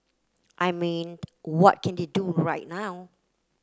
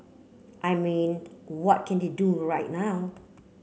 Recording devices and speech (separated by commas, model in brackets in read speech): close-talking microphone (WH30), mobile phone (Samsung C9), read sentence